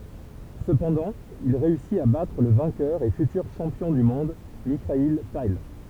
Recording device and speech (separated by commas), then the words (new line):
temple vibration pickup, read sentence
Cependant, il réussit à battre le vainqueur et futur champion du monde Mikhaïl Tal.